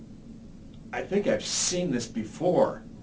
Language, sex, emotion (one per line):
English
male
disgusted